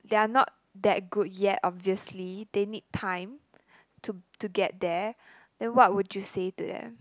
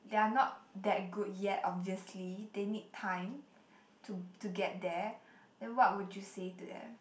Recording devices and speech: close-talking microphone, boundary microphone, conversation in the same room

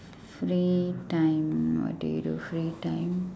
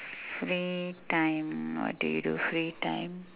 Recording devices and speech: standing microphone, telephone, conversation in separate rooms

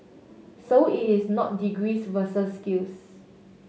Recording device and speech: mobile phone (Samsung S8), read sentence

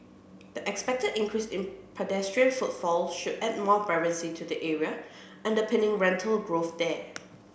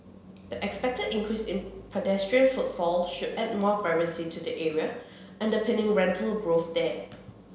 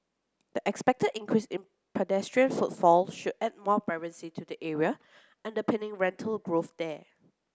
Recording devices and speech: boundary microphone (BM630), mobile phone (Samsung C7), close-talking microphone (WH30), read sentence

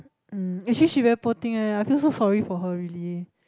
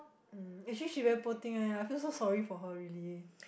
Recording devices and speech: close-talking microphone, boundary microphone, conversation in the same room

